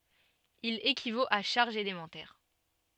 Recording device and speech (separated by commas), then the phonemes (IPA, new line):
soft in-ear microphone, read sentence
il ekivot a ʃaʁʒz elemɑ̃tɛʁ